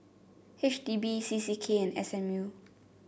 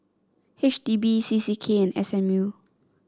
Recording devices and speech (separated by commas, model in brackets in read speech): boundary microphone (BM630), standing microphone (AKG C214), read sentence